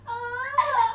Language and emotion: Thai, happy